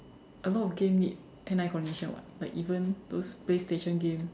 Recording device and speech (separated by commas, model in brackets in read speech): standing microphone, conversation in separate rooms